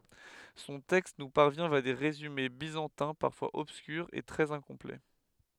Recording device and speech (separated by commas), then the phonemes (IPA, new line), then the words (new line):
headset microphone, read sentence
sɔ̃ tɛkst nu paʁvjɛ̃ vja de ʁezyme bizɑ̃tɛ̃ paʁfwaz ɔbskyʁz e tʁɛz ɛ̃kɔ̃plɛ
Son texte nous parvient via des résumés byzantins, parfois obscurs et très incomplets.